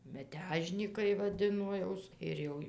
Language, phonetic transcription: Lithuanian, meˈtežnykai vaˈdino ˈjaus ir ˈjau

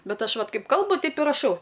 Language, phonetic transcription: Lithuanian, ˈbet ˈaš ˈvat ˈkaip ˈkalbu ˈteip i raˈšau

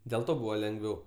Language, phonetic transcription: Lithuanian, dėl ˈto ˈbūva lengˈviau

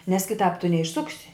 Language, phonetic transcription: Lithuanian, nes kiˈtāp tu neišˈsuksi

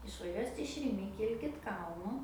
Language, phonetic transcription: Lithuanian, išvaˈžiuosit iš riˈmi ˈkilkit ˈkalnu

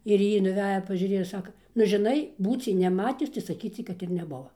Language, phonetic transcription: Lithuanian, ir ˈjy nuˈveja pažiuˈrėja ˈsaka nu žiˈnai ˈbūciai neˈmatius tai saˈkyciai ˈkad ir neˈbuva

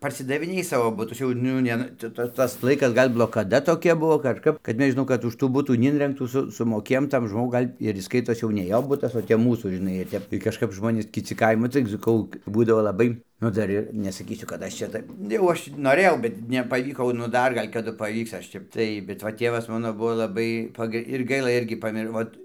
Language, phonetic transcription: Lithuanian, parsidaviˈnėj ˈsavo ˈbutus jau ˈnu ne ˈcia ˈtas ˈtas ˈlaikas ˈgal' blokaˈda toˈkia ˈbuo ˈkažkap kad ˈmes žiˈnau kad už ˈtų ˈbutų neˈinrengtų ˈsu sumoˈkėjom ˈtam ˈžmogui ˈgal' ir jis ˈskaitos jau ne ˈjo ˈbutas o tep ˈmūsų žiˈnai ˈtep tai kažˈkap ˈžmonės kiˈci ˈkaimo tai saˈkau ˈbūdavo laˈbai o ˈdar ir nesaˈkysiu kad ˈaš čia ˈtaip jau ˈaš noˈrėjau ˈbet nepaˈvyko nu ˈdar ˈgal' kaˈdu paˈvyks aš ˈtep ˈtai bet ˈva ˈtėvas ˈmano ˈbuvo laˈbai ˈpagə ir ˈgaila ˈirgi paˈmiro ˈvot

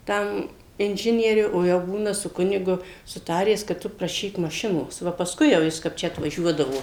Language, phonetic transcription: Lithuanian, ˈtam inˈžinieriu o ˈjau ˈbūna su ˈkunigu suˈtaręs kad ˈtu praˈšyk maˈšinos ˈva pasˈkui jau ˈjis kap ˈčia atvaˈžiuodavo

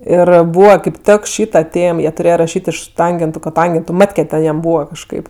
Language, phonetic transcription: Lithuanian, ˈir ˈbūva kaip ˈtek ˈšyta ˈtėm ˈjie tuˈrėjo raˈšyt' iš ˈtangentu koˈtangentu ˈmatke ten jam ˈbūva kažˈkaip

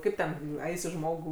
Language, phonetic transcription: Lithuanian, ˈkaip ten ˈaisi ˈžmogų

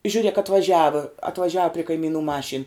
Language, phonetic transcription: Lithuanian, žiuˈrėk atvaˈžiava atvaˈžiava pri kaiˈmynu ˈmašyn

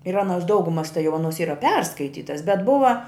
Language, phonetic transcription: Lithuanian, ir ˈanos ˈdaugumas tai jau ˈanos ˈyra ˈperskaitytas bet ˈbuva

